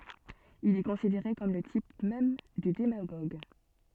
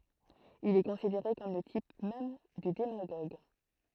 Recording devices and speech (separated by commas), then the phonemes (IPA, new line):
soft in-ear microphone, throat microphone, read sentence
il ɛ kɔ̃sideʁe kɔm lə tip mɛm dy demaɡoɡ